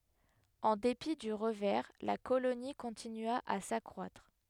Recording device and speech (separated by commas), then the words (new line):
headset microphone, read sentence
En dépit du revers, la colonie continua à s'accroître.